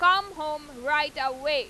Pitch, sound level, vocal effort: 300 Hz, 102 dB SPL, very loud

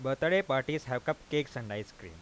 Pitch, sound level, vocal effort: 135 Hz, 92 dB SPL, normal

